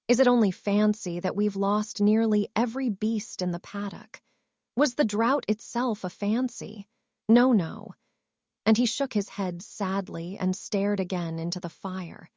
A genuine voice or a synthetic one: synthetic